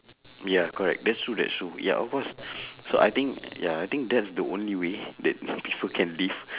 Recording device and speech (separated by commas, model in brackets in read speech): telephone, conversation in separate rooms